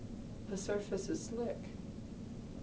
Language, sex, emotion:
English
male
neutral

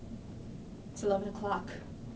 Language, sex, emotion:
English
female
neutral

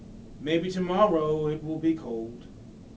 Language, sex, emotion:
English
male
sad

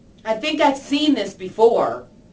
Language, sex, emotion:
English
female
disgusted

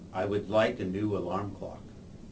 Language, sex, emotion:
English
male
neutral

